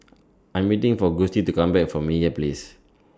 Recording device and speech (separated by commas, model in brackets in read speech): standing microphone (AKG C214), read sentence